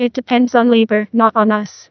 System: TTS, neural waveform model